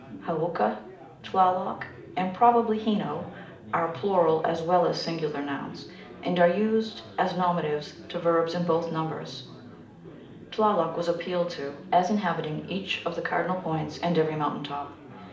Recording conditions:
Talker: one person; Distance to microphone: 2.0 m; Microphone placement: close; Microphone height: 99 cm; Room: medium-sized (5.7 m by 4.0 m); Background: babble

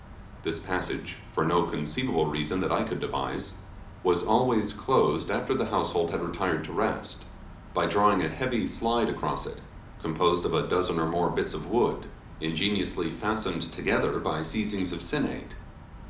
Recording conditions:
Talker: one person; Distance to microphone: 2.0 m; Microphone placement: close; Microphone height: 99 cm; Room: medium-sized (5.7 m by 4.0 m); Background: none

